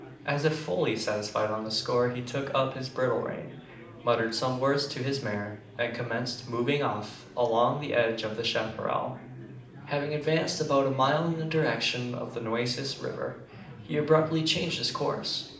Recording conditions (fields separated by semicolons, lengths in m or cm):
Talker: one person; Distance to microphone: 2.0 m; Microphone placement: close; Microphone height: 99 cm; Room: medium-sized (5.7 m by 4.0 m); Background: babble